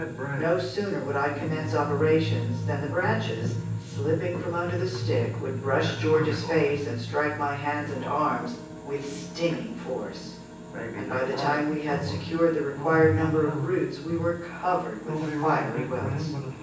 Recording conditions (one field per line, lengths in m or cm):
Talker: one person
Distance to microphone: 9.8 m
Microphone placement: far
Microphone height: 1.8 m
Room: large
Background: television